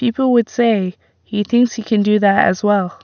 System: none